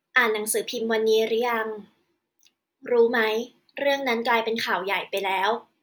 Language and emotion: Thai, neutral